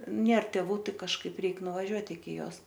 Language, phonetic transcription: Lithuanian, ˈnėr teˈvų ˈtai kažˈkaip ˈreik nuvaˈžiuot iki ˈjos

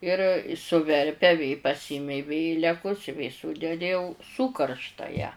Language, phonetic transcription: Lithuanian, ˈir suˈverpia vė paˈsimei ˈvėlekus i vė ˈsūdedi jau ˈsūkaršta ją

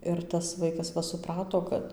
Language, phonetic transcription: Lithuanian, ˈir tas ˈvaikas ˈva suˈprato ˈkad

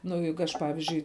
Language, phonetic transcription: Lithuanian, nu ˈjeigu ˈaš ˈpavizdžiui

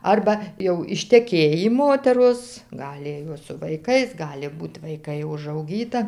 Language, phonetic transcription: Lithuanian, ˈarba jau išteˈkėjį ˈmoteros ˈgali jos su vaiˈkais ˈgali ˈbūt vaiˈkai užauˈgyta

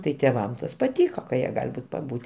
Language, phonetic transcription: Lithuanian, tai tėˈvam ˈtas paˈtyko ka jie ˈgal' ˈbūt' paˈbūt'

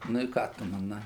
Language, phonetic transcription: Lithuanian, nu i ˈką tu maˈnai

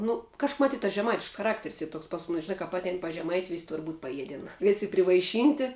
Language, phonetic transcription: Lithuanian, ˈnu kaž mˈatyt tas žeˈmaitišks chaˈrakter's' ˈy ˈtoks pas ˈmunis žiˈnā kap ˈatein pas žeˈmaiti vis' tur būt' paˈjieden ˈvėsi privaiˈšynti

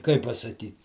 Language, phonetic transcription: Lithuanian, ˈkaip pasaˈkyt

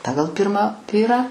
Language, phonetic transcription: Lithuanian, ˈpagal ˈpirmą ˈvyrą

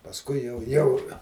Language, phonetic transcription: Lithuanian, pasˈkui jau ˈjau

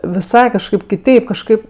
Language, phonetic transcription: Lithuanian, viˈsai kažˈkaip kiˈteip kažˈkaip

